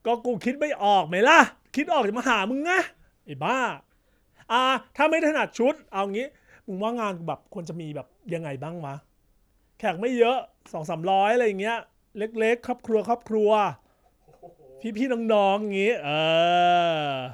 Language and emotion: Thai, angry